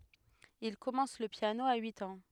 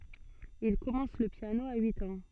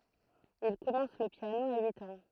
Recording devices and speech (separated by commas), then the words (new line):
headset microphone, soft in-ear microphone, throat microphone, read sentence
Il commence le piano à huit ans.